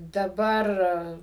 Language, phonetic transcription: Lithuanian, daˈbar

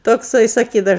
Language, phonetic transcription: Lithuanian, tokˈsai saˈkydau

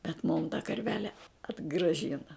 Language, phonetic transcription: Lithuanian, bet mum ta karˈvele atgraˈžina

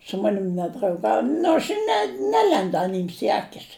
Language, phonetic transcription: Lithuanian, su ˈmanim nedrauˈgauj ˈnu aš i ne ˈnelendu ˈanyms i ˈakis

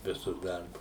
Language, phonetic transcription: Lithuanian, ˈvisus ˈdarbus

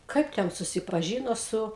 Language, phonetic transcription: Lithuanian, ˈkaip ten susipaˈžyno ˈsu

